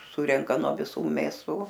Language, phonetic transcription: Lithuanian, ˈsurenka nuo viˈsų mėˈsų

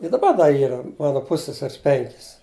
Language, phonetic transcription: Lithuanian, i daˈba ˈda ˈyra ˈmana ˈpusseseris ˈpenkis

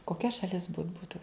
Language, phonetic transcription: Lithuanian, koˈkia šaˈlis but ˈbūtu

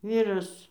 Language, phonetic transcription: Lithuanian, ˈvyras

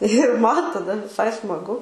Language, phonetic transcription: Lithuanian, ir ˈman taˈda viˈsai smaˈgu

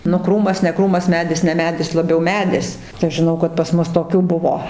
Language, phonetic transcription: Lithuanian, nu ˈkrūmas ne ˈkrūmas ˈmedis ne ˈmedis laˈbiau ˈmedis tai ˈaš žiˈnau kad pas ˈmus toˈkių ˈbuvo

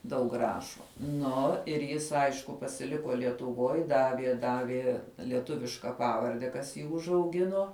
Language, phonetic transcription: Lithuanian, daug ˈrašo ˈnu ir ˈjis ˈaišku pasiˈliko lietuˈvoj ˈdavie ˈdavie lieˈtuviška ˈpavarde kas ˈjį užauˈgino

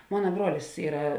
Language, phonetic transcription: Lithuanian, ˈmona ˈbruolis ˈyra

